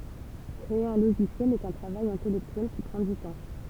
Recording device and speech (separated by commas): temple vibration pickup, read sentence